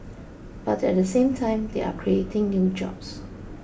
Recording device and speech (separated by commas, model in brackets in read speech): boundary microphone (BM630), read sentence